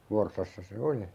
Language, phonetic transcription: Finnish, 'Vorssassa se "oli .
- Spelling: Forssassa se oli

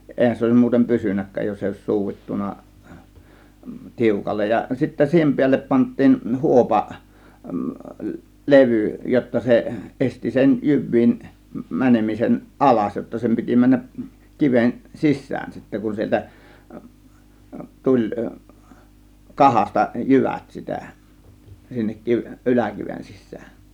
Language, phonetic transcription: Finnish, 'èihän se (oėsim) 'mu̬utem "pysynäk̀kääj jos èi òės "suuvittuna , "tiukallej ja , sittä 'siihem piällep 'pant̆tiin "huopa , "levỳ jotta se , 'ˀesti sen "jyv̆viin , "mänemisen , "ˀalas , jotta 'sem piti 'männäˀ , 'kiven "sis̀sään sittä kun 'sieltä , "tuĺ , "kahasta "jyvät sitä , sinnek 'kiv- , "ˀyläkiven 'sissään .
- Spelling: eihän se olisi muuten pysynytkään jos ei olisi suudittu tiukalle ja sitten siihen päälle pantiin huopa levy jotta se esti sen jyvien menemisen alas jotta sen piti mennä kiven sisään sitten kun sieltä tuli kahasta jyvät sitä sinne - yläkiven sisään

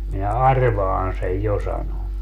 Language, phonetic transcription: Finnish, minä "arvaan sej "jo » sano .
- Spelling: minä arvaan sen jo sanoi

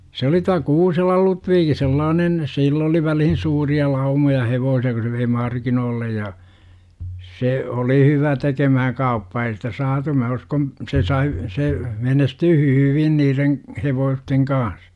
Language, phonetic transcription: Finnish, se oli tua "Kuuselal 'Lutviiki 'sellaanen , 'sill ‿oli välihin 'suuri₍a "laumoja 'hevoosi₍a ku se vei "markinoollej ja , 'se oli hyvä tekemähäŋ "kauppaa ei sitä 'saatu mä uskon , 'se sai , 'se , 'menestyy "hyyvin niireŋ , 'hevoosteŋ kaan̬s .
- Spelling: se oli tuo Kuuselan Ludvig sellainen sillä oli väliin suuria laumoja hevosia kun se vei markkinoille ja se oli hyvä tekemään kauppaa ei sitä saatu minä uskon se sai se menestyy hyvin niiden hevosten kanssa

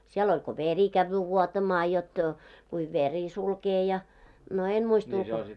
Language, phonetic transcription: Finnish, siel oĺ ko "veri kävvyy 'vuotamaa jot , kuiv 'veri 'sulkee ja , no 'en 'muist ‿ulkoo .
- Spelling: siellä oli kun veri käy vuotamaan jotta kuin veri sulkee ja no en muista ulkoa

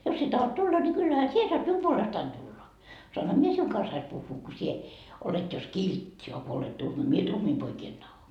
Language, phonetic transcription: Finnish, 'jos sie tahot 'tulla ni kyllähä "sie soat "mium 'puolestain tulla , soanha "mie 'siuŋ kanssais puhhuu ko sie , olet jos "kiltti a ko olet 'tuhma , mie "tuhmii poikii en taho . »
- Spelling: jos sinä tahdot tulla niin kyllähän sinä saat minun puolestani tulla saanhan minä sinun kanssasi puhua kun sinä olet jos kiltti a kun olet tuhma minä tuhmia poikia en tahdo

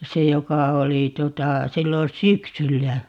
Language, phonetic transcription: Finnish, "se 'joka 'oli 'tuota , 'sillon̬ "syksyllä .
- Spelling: se joka oli tuota silloin syksyllä

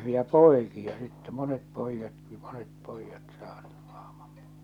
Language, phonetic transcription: Finnish, ja "pòi̬kia sittɛ , 'monet 'pòijjatki , 'monet 'pòijjat saaɴɴᴜ ᴀhᴍᴀᴍ pᴏɪ- .
- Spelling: ja poikia sitten monet pojatkin monet pojat saaneet ahman -

